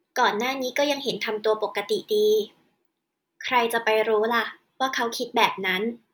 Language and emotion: Thai, neutral